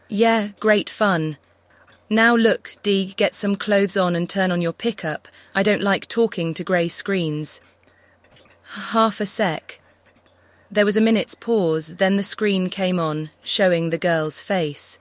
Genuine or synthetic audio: synthetic